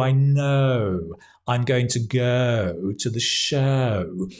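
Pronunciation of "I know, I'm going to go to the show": The oh sounds, as in 'know', 'go' and 'show', are drawn out too long; the length is over-exaggerated and sounds a bit strange.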